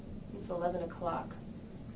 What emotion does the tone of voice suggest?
neutral